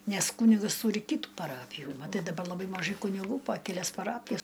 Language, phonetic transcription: Lithuanian, ˈnes ˈkūnigas ˈtūri ˈkytų paˈrapijų maˈtai daˈba laˈbai maˈžai kuniˈgų pa keˈlias paˈrapijas

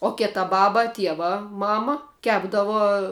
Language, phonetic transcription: Lithuanian, o ˈketa ˈbaba ˈtieva ˈmama ˈkepdavo

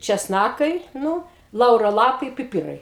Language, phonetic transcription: Lithuanian, česˈnakai ˈnū ˈlauro ˈlapai piˈpirai

